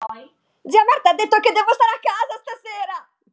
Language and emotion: Italian, happy